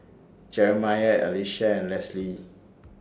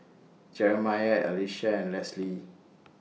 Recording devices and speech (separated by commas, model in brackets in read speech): standing microphone (AKG C214), mobile phone (iPhone 6), read sentence